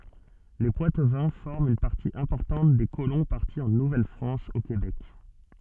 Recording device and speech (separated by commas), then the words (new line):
soft in-ear microphone, read sentence
Les Poitevins forment une partie importante des colons partis en Nouvelle-France au Québec.